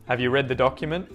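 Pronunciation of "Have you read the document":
In 'document', the t at the end of the word, after the n, is muted.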